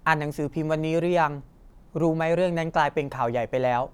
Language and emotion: Thai, neutral